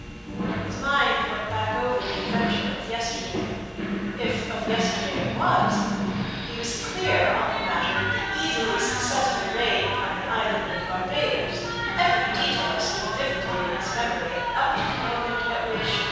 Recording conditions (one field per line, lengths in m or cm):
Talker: one person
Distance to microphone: 7.1 m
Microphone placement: far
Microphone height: 1.7 m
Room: very reverberant, large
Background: television